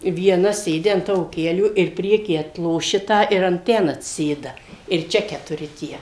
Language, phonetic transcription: Lithuanian, vieˈna ˈsėdi an ˈtavo ˈkelių ir ˈprieky atloˈši ˈtą ir an ˈten atsiˈsėda ir ˈčia ketuˈri ˈtie

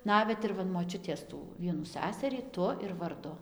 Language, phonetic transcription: Lithuanian, ˈnavet ir ˈva in moˈčiutės ˈtų ˈvienų ˈsæsarį ˈtu ir varˈdu

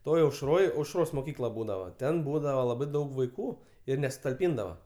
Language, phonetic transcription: Lithuanian, ˈtoj aušˈroj aušˈros moˈkykla ˈbūdava ˈten ˈbūdava laˈbai ˈdaug vaiˈkų ir nesutalˈpyndava

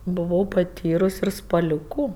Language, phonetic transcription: Lithuanian, buˈvau paˈtyrus ir spaˈliūku

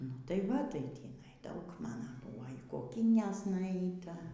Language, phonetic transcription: Lithuanian, nu ˈtai ˈva tai ˈtįnai ˈdaug ˈmana ˈbuo y koˈkynes nuˈeita

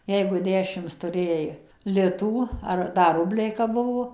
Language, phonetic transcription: Lithuanian, ˈjeigu ˈdešims tuˈrėjai ˈlitų ˈar ˈda ˈrubliai kap ˈbuvo

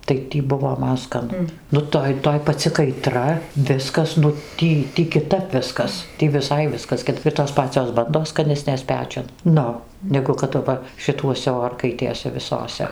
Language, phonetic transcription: Lithuanian, tai ˈtį ˈbuvo ˈman skaˈnu ˈnu ˈtoj ˈtoj paˈci kaiˈtra ˈviskas nu ˈtį kiˈtap ˈviskas ˈtį viˈsai ˈviskas kit ir tos ˈpacios ˈbandos skaˈnesnės ˈpečiun ˈnu ˈnegu kad aˈva šiˈtuose ˈorkaitėse viˈsose

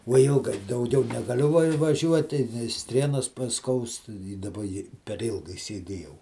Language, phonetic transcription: Lithuanian, vo ˈilgai dauˈgiau negaˈliu va vaˈžiuoti ˈstrienos paˈskaust į daˈba i per ˈilgai sieˈdėjau

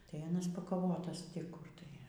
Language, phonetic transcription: Lithuanian, tai aˈnas pakaˈvotas ti ˈkur tai

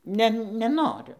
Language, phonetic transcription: Lithuanian, ˈne neˈnoriu

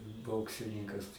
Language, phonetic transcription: Lithuanian, ˈboksininkas

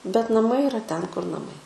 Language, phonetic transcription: Lithuanian, bet naˈmai iˈra ˈten kur naˈmai

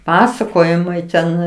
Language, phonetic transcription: Lithuanian, ˈpasakojimai ten

